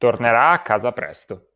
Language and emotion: Italian, neutral